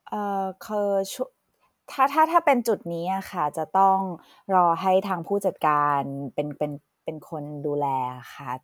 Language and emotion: Thai, neutral